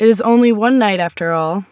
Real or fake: real